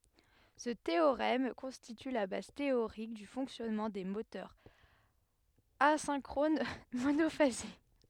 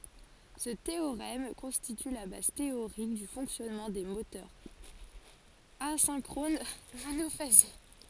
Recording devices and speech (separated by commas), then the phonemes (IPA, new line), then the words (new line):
headset microphone, forehead accelerometer, read sentence
sə teoʁɛm kɔ̃stity la baz teoʁik dy fɔ̃ksjɔnmɑ̃ de motœʁz azɛ̃kʁon monofaze
Ce théorème constitue la base théorique du fonctionnement des moteurs asynchrones monophasés.